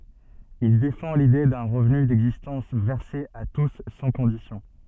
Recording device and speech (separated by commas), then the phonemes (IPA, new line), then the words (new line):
soft in-ear microphone, read sentence
il defɑ̃ lide dœ̃ ʁəvny dɛɡzistɑ̃s vɛʁse a tus sɑ̃ kɔ̃disjɔ̃
Il défend l'idée d'un revenu d'existence versé à tous sans conditions.